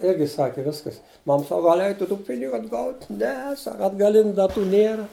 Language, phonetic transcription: Lithuanian, ˈirgi ˈsaki ˈviskas ˈmam ˈsaka gal' ˈeitu tų ˈpinigu atˈgaut' ˈne ˈsaka atgaˈliniu daˈtų ˈnėra

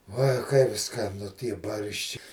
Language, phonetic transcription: Lithuanian, ˈuoj kaip skaˈnu ˈtie ˈbaršči

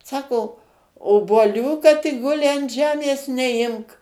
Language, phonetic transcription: Lithuanian, ˈsako obuoˈlių kad i ˈguli an ˈžemės neˈimk

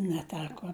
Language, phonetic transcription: Lithuanian, neˈteko

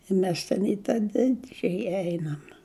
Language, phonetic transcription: Lithuanian, i ˈmes ten i ˈtą ten ˈdidžiaja ˈeinam

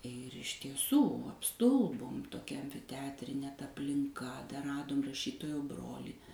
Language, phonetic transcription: Lithuanian, ir iš tieˈsų apˈstulbom toˈkia ˈteatrinė ta aplinˈka dar ˈradom raˈšytojo ˈbrolį

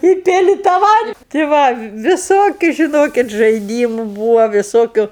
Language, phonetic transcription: Lithuanian, i ˈpili tą ˈvand ti ˈva viˈsokiu žiˈnokit žaiˈdymu ˈbūvo viˈsokiu

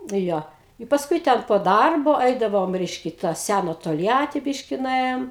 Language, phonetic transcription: Lithuanian, ˈjo i pasˈkui ten po ˈdarbo ˈeidavom ˈreiškia i ta ˈsæna tolˈjati ˈbiški nuˈėjom

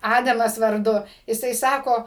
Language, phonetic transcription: Lithuanian, ˈadamas varˈdu jiˈsai ˈsako

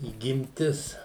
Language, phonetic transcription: Lithuanian, įgimˈtis

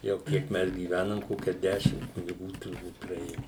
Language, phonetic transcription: Lithuanian, jau ˈkiek ˈmes gyˈvænam ˈkokia ˈdešim kuniˈgų turˈbūt praˈėju

